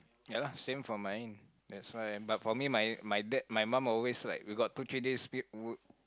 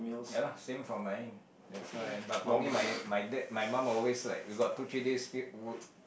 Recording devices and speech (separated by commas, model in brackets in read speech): close-talking microphone, boundary microphone, conversation in the same room